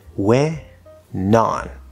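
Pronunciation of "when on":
In 'went on', the t disappears, so the phrase sounds like 'when on'.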